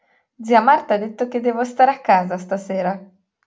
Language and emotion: Italian, happy